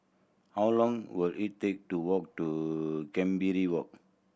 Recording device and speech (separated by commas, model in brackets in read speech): boundary microphone (BM630), read sentence